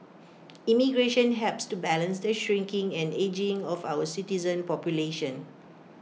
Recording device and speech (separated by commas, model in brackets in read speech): mobile phone (iPhone 6), read sentence